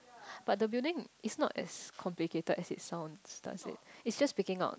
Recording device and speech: close-talking microphone, conversation in the same room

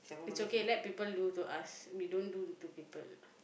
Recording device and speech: boundary microphone, conversation in the same room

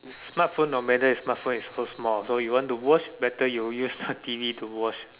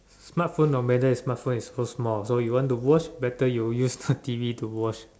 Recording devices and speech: telephone, standing microphone, conversation in separate rooms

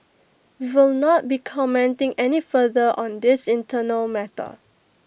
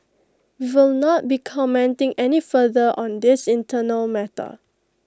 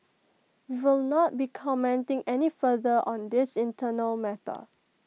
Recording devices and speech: boundary microphone (BM630), close-talking microphone (WH20), mobile phone (iPhone 6), read sentence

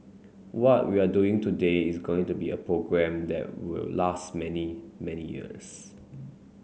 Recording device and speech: mobile phone (Samsung C9), read sentence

